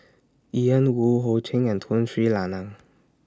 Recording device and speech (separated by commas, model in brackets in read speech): standing microphone (AKG C214), read sentence